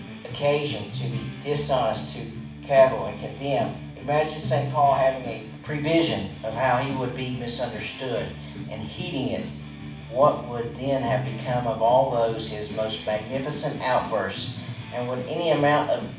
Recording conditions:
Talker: one person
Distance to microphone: 5.8 m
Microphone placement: far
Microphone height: 1.8 m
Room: medium-sized (5.7 m by 4.0 m)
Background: music

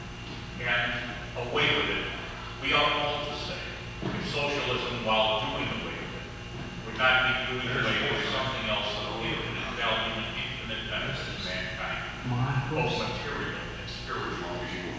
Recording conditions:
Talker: one person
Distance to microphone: 7.1 m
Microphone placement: far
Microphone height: 1.7 m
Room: very reverberant, large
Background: television

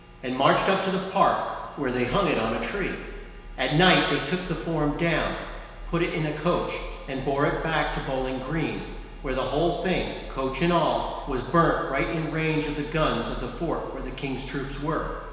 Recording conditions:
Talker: one person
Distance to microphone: 1.7 m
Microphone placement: close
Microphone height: 1.0 m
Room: very reverberant, large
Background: none

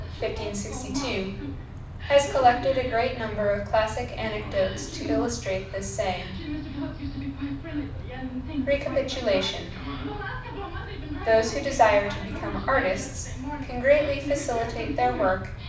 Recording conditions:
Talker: one person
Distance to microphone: 5.8 m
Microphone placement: far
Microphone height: 1.8 m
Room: medium-sized (5.7 m by 4.0 m)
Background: television

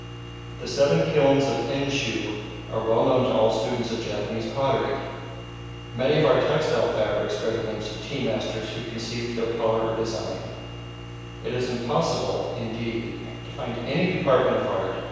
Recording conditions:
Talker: one person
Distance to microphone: 7.1 m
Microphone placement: far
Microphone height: 1.7 m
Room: very reverberant, large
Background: none

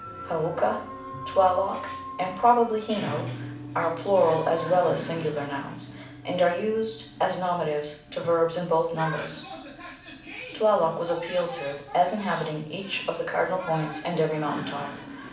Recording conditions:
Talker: one person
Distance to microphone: 5.8 m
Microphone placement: far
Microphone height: 1.8 m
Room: medium-sized (5.7 m by 4.0 m)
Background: television

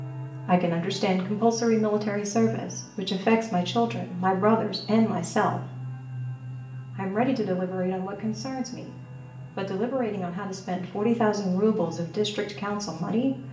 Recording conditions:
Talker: one person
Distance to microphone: 1.8 m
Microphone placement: close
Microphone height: 1.0 m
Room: large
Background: television

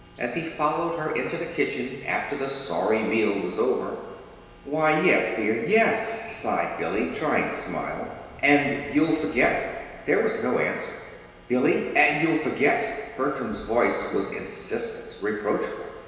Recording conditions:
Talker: one person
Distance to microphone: 1.7 m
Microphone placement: close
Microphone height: 1.0 m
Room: very reverberant, large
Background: none

